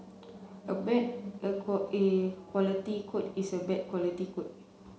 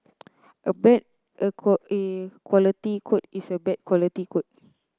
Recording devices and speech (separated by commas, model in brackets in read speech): mobile phone (Samsung C7), close-talking microphone (WH30), read sentence